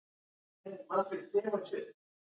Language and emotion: English, happy